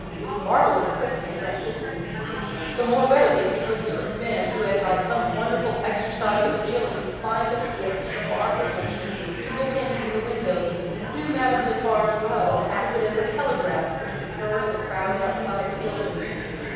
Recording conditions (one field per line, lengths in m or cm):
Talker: one person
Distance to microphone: 7.1 m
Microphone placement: far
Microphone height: 1.7 m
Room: very reverberant, large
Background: babble